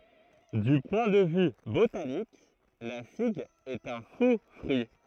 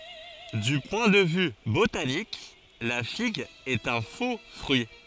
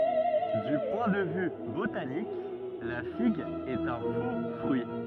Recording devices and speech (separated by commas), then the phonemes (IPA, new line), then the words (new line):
throat microphone, forehead accelerometer, rigid in-ear microphone, read sentence
dy pwɛ̃ də vy botanik la fiɡ ɛt œ̃ fo fʁyi
Du point de vue botanique, la figue est un faux-fruit.